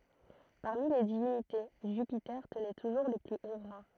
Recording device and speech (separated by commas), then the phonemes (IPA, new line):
throat microphone, read sentence
paʁmi le divinite ʒypite tənɛ tuʒuʁ lə ply o ʁɑ̃